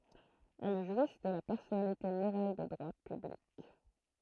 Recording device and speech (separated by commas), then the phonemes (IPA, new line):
throat microphone, read sentence
ɛl ʒwis də la pɛʁsɔnalite moʁal də dʁwa pyblik